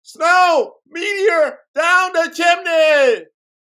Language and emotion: English, neutral